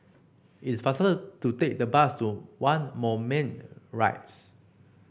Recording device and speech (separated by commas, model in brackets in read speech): boundary microphone (BM630), read sentence